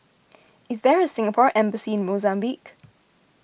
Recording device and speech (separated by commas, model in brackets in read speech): boundary microphone (BM630), read sentence